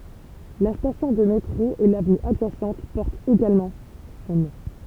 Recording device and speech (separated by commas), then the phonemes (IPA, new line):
temple vibration pickup, read sentence
la stasjɔ̃ də metʁo e lavny adʒasɑ̃t pɔʁtt eɡalmɑ̃ sɔ̃ nɔ̃